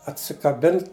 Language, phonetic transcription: Lithuanian, atsikaˈbin

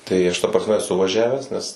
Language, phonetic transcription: Lithuanian, tai ˈaš ta prasˈme eˈsu vaˈžiavęs nes

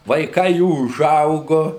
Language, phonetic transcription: Lithuanian, vaiˈkai ˈjų uˈžaugu

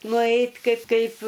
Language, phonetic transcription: Lithuanian, nuˈeit' ˈkaip ˈkaip

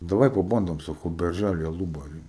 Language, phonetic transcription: Lithuanian, daˈvai paˈbandom saˈkau berˈžæly aˈlubary

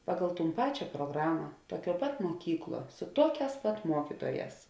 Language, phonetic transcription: Lithuanian, ˈpagal ˈtūn ˈpačia pruoˈgrama ˈtuoˌkiuo pat muoˈkykˌluo su ˈtuoˌkēs pat ˈmuokituoˌjēs

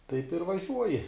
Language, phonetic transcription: Lithuanian, taip ir vaˈžiuoji

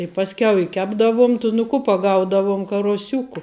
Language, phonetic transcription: Lithuanian, i ˈpaskiau i ˈkepdavum tu nu ˈku paˈgaudavum karuoˈsiuku

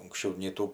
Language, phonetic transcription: Lithuanian, unksˈčiau nei ˈtų

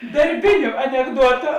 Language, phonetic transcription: Lithuanian, darˈbiniu anekˈduotu

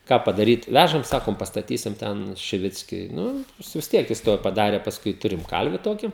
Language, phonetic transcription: Lithuanian, ˈką padaˈryt ˈvæžam ˈsakom pastaˈtysim ˈten šiˈvickiui ˈnu ˈjis vis ˈtiek jis ˈtuoj paˈdarė pasˈkui ˈturim ˈkalvi ˈtoki

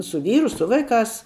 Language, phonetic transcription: Lithuanian, su ˈvyru ˈsu vaiˌkās

